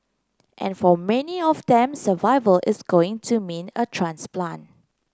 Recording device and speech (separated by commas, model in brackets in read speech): close-talking microphone (WH30), read sentence